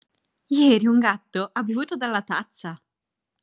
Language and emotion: Italian, surprised